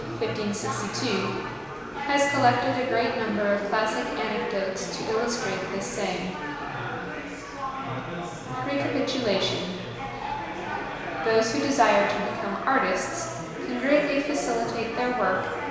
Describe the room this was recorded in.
A large, very reverberant room.